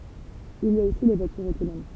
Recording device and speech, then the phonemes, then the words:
temple vibration pickup, read sentence
il i a osi le vwatyʁz otonom
Il y a aussi les voitures autonomes.

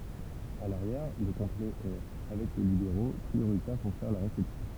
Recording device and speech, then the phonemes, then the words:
temple vibration pickup, read sentence
a laʁjɛʁ lə kɔ̃plɛ ɛ avɛk lə libeʁo pʁioʁitɛʁ puʁ fɛʁ la ʁesɛpsjɔ̃
À l'arrière, le complet est, avec le libéro, prioritaire pour faire la réception.

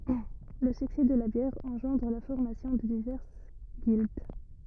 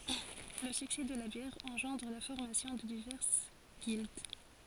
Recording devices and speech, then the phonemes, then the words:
rigid in-ear microphone, forehead accelerometer, read sentence
lə syksɛ də la bjɛʁ ɑ̃ʒɑ̃dʁ la fɔʁmasjɔ̃ də divɛʁs ɡild
Le succès de la bière engendre la formation de diverses guildes.

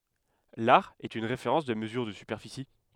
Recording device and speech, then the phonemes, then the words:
headset microphone, read sentence
laʁ ɛt yn ʁefeʁɑ̃s də məzyʁ də sypɛʁfisi
L'are est une référence de mesure de superficie.

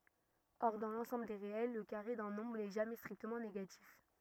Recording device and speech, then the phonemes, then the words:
rigid in-ear microphone, read sentence
ɔʁ dɑ̃ lɑ̃sɑ̃bl de ʁeɛl lə kaʁe dœ̃ nɔ̃bʁ nɛ ʒamɛ stʁiktəmɑ̃ neɡatif
Or, dans l'ensemble des réels, le carré d'un nombre n'est jamais strictement négatif.

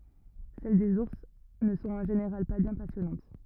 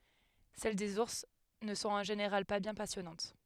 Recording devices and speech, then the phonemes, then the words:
rigid in-ear microphone, headset microphone, read sentence
sɛl dez uʁs nə sɔ̃t ɑ̃ ʒeneʁal pa bjɛ̃ pasjɔnɑ̃t
Celles des ours ne sont en général pas bien passionnantes.

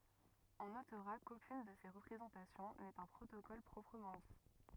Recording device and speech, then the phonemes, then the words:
rigid in-ear microphone, read sentence
ɔ̃ notʁa kokyn də se ʁəpʁezɑ̃tasjɔ̃ nɛt œ̃ pʁotokɔl pʁɔpʁəmɑ̃ di
On notera qu'aucune de ces représentations n'est un protocole proprement dit.

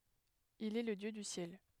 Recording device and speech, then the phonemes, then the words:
headset microphone, read sentence
il ɛ lə djø dy sjɛl
Il est le dieu du Ciel.

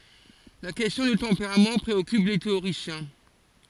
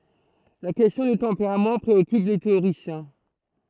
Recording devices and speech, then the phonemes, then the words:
forehead accelerometer, throat microphone, read sentence
la kɛstjɔ̃ dy tɑ̃peʁam pʁeɔkyp le teoʁisjɛ̃
La question du tempérament préoccupe les théoriciens.

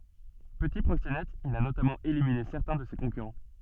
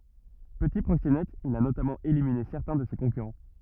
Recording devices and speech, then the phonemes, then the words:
soft in-ear microphone, rigid in-ear microphone, read sentence
pəti pʁoksenɛt il a notamɑ̃ elimine sɛʁtɛ̃ də se kɔ̃kyʁɑ̃
Petit proxénète, il a notamment éliminé certains de ses concurrents.

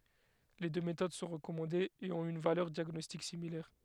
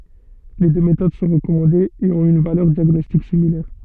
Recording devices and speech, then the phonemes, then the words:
headset microphone, soft in-ear microphone, read sentence
le dø metod sɔ̃ ʁəkɔmɑ̃dez e ɔ̃t yn valœʁ djaɡnɔstik similɛʁ
Les deux méthodes sont recommandées et ont une valeur diagnostique similaire.

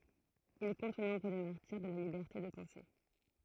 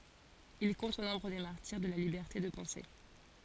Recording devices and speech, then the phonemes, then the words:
throat microphone, forehead accelerometer, read sentence
il kɔ̃t o nɔ̃bʁ de maʁtiʁ də la libɛʁte də pɑ̃se
Il compte au nombre des martyrs de la liberté de penser.

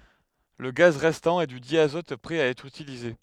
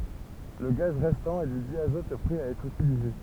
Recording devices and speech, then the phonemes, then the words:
headset microphone, temple vibration pickup, read sentence
lə ɡaz ʁɛstɑ̃ ɛ dy djazɔt pʁɛ a ɛtʁ ytilize
Le gaz restant est du diazote prêt à être utilisé.

